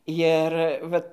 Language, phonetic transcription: Lithuanian, jir ˈvat

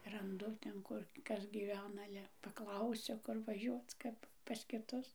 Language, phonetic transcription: Lithuanian, ranˈdu ten ˈkur ˈkas gyˈvena ˈale paˈklausiu ˈkur vaˈžiuoc ˈkap pas kiˈtus

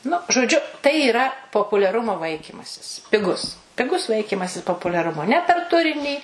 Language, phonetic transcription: Lithuanian, nu žoˈdžiu tai yˈra populiaˈrumo ˈvaikymasis piˈgus piˈgus ˈvaikymasis populiaˈrumo ne per ˈturinį

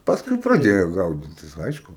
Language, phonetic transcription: Lithuanian, ˈpaskui praˈdėjo ˈgaudytis ˈaišku

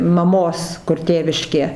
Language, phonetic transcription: Lithuanian, maˈmos kur ˈtėviškė

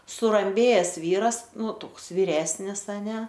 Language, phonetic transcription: Lithuanian, suramˈbėjes ˈvyras ˈnu ˈtoks vyˈresnis aˈne

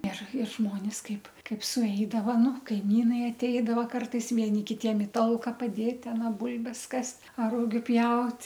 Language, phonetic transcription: Lithuanian, ir ir ˈžmonis ˈkaip ˈkaip suˈeidava ˈnu ˈkaimynai atˈeidavo ˈkartais vieˈni kiˈtiem i ˈtalka paˈdėt aˈna ˈbulbes ˈkast' ar ˈrugiu ˈpjaut'

